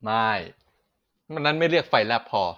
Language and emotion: Thai, neutral